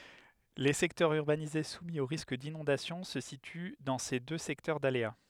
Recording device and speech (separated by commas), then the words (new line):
headset microphone, read sentence
Les secteurs urbanisés soumis au risque d’inondation se situent dans ces deux secteurs d’aléas.